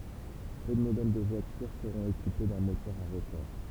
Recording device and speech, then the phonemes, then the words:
temple vibration pickup, read sentence
pø də modɛl də vwatyʁ səʁɔ̃t ekipe dœ̃ motœʁ a ʁotɔʁ
Peu de modèles de voitures seront équipés d'un moteur à rotor.

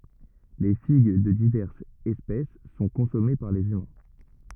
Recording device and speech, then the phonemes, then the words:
rigid in-ear microphone, read sentence
le fiɡ də divɛʁsz ɛspɛs sɔ̃ kɔ̃sɔme paʁ lez ymɛ̃
Les figues de diverses espèces sont consommées par les humains.

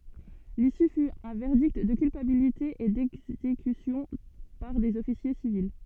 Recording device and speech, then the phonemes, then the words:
soft in-ear microphone, read sentence
lisy fy œ̃ vɛʁdikt də kylpabilite e dɛɡzekysjɔ̃ paʁ dez ɔfisje sivil
L'issue fut un verdict de culpabilité et d’exécution par des officiers civils.

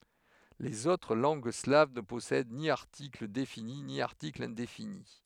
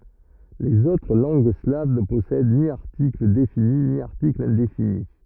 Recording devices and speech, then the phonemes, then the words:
headset microphone, rigid in-ear microphone, read sentence
lez otʁ lɑ̃ɡ slav nə pɔsɛd ni aʁtikl defini ni aʁtikl ɛ̃defini
Les autres langues slaves ne possèdent ni article défini ni article indéfini.

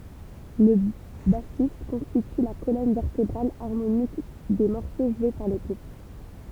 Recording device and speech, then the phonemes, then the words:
temple vibration pickup, read sentence
lə basist kɔ̃stity la kolɔn vɛʁtebʁal aʁmonik de mɔʁso ʒwe paʁ lə ɡʁup
Le bassiste constitue la colonne vertébrale harmonique des morceaux joués par le groupe.

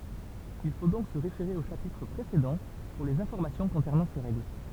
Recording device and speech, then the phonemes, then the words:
temple vibration pickup, read sentence
il fo dɔ̃k sə ʁefeʁe o ʃapitʁ pʁesedɑ̃ puʁ lez ɛ̃fɔʁmasjɔ̃ kɔ̃sɛʁnɑ̃ se ʁɛɡl
Il faut donc se référer aux chapitres précédents pour les informations concernant ces règles.

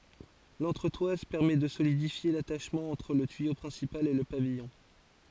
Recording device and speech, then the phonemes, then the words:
forehead accelerometer, read sentence
lɑ̃tʁətwaz pɛʁmɛ də solidifje lataʃmɑ̃ ɑ̃tʁ lə tyijo pʁɛ̃sipal e lə pavijɔ̃
L'entretoise permet de solidifier l'attachement entre le tuyau principal et le pavillon.

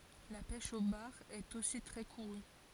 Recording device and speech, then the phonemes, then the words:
forehead accelerometer, read sentence
la pɛʃ o baʁ ɛt osi tʁɛ kuʁy
La pêche au bar est aussi très courue.

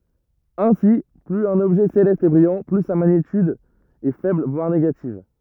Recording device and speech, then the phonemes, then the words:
rigid in-ear microphone, read sentence
ɛ̃si plyz œ̃n ɔbʒɛ selɛst ɛ bʁijɑ̃ ply sa maɲityd ɛ fɛbl vwaʁ neɡativ
Ainsi, plus un objet céleste est brillant, plus sa magnitude est faible voire négative.

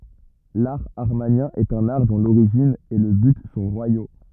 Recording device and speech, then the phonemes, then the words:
rigid in-ear microphone, read sentence
laʁ amaʁnjɛ̃ ɛt œ̃n aʁ dɔ̃ loʁiʒin e lə byt sɔ̃ ʁwajo
L'art amarnien est un art dont l'origine et le but sont royaux.

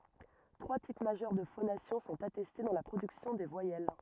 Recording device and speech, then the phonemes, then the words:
rigid in-ear microphone, read sentence
tʁwa tip maʒœʁ də fonasjɔ̃ sɔ̃t atɛste dɑ̃ la pʁodyksjɔ̃ de vwajɛl
Trois types majeurs de phonation sont attestés dans la production des voyelles.

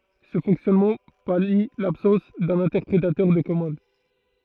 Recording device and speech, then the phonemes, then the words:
throat microphone, read sentence
sə fɔ̃ksjɔnmɑ̃ pali labsɑ̃s dœ̃n ɛ̃tɛʁpʁetœʁ də kɔmɑ̃d
Ce fonctionnement pallie l'absence d'un interpréteur de commandes.

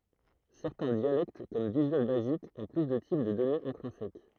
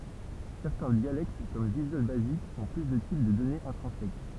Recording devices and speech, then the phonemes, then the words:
throat microphone, temple vibration pickup, read sentence
sɛʁtɛ̃ djalɛkt kɔm vizyal bazik ɔ̃ ply də tip də dɔnez ɛ̃tʁɛ̃sɛk
Certains dialectes comme Visual Basic ont plus de types de données intrinsèques.

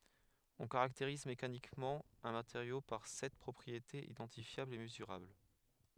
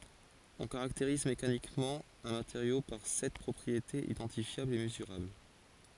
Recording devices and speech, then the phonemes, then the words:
headset microphone, forehead accelerometer, read sentence
ɔ̃ kaʁakteʁiz mekanikmɑ̃ œ̃ mateʁjo paʁ sɛt pʁɔpʁietez idɑ̃tifjablz e məzyʁabl
On caractérise mécaniquement un matériau par sept propriétés identifiables et mesurables.

